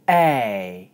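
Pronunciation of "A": The sound 'A' is long.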